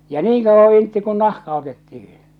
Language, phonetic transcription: Finnish, ja "niiŋ kauvva intti kun "nahka otettihɪ .
- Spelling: ja niin kauan intti kun nahka otettiin

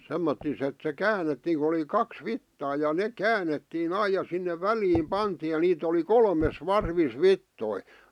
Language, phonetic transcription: Finnish, 'semmottis ‿et se "käänettiiŋ ku oli "kaks "vittaa ja "neᵏ "käänettii'n ‿aij̆ ja 'sinne "väliim "pantiij̆ ja 'niit ‿oli "kolmes "varvis "vittoi .
- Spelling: semmottoon että se käännettiin kun oli kaksi vitsaa ja ne käännettiin aina ja sinne väliin pantiin ja niitä oli kolmessa varvissa vitsoja

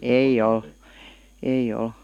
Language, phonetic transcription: Finnish, eij ‿oˡ , 'ei ʲoˡ .
- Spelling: ei ole ei ole

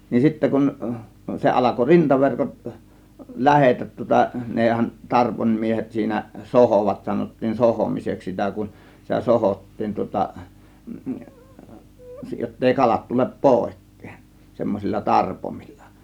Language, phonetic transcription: Finnish, nin 'sittä kun , 'se alako "rintaverkot , "lähetät tŭŏta , nèhän 'tarpońmiehet siinä "sohòvat , 'sanottiin "sohòmiseks sitä kun , sitä 'sohòttiin tŭŏta , jottei 'kalat 'tulep "pòėk̀kEEN , 'semmosilla "tarpomilla .
- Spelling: niin sitten kun se alkoi rintaverkot lähteä tuota nehän tarvoinmiehet siinä sohoivat sanottiin sohomiseksi sitä kun sitä sohottiin tuota jotta ei kalat tule pois semmoisilla tarpoimilla

